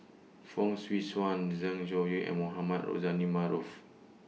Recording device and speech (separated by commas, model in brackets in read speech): mobile phone (iPhone 6), read sentence